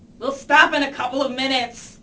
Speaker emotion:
angry